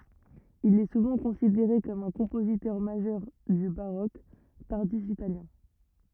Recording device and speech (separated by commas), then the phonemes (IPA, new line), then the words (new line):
rigid in-ear microphone, read sentence
il ɛ suvɑ̃ kɔ̃sideʁe kɔm œ̃ kɔ̃pozitœʁ maʒœʁ dy baʁok taʁdif italjɛ̃
Il est souvent considéré comme un compositeur majeur du baroque tardif italien.